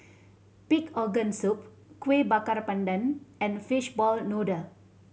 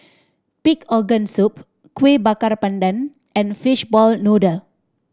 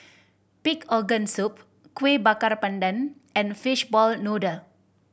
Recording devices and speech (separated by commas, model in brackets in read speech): mobile phone (Samsung C7100), standing microphone (AKG C214), boundary microphone (BM630), read sentence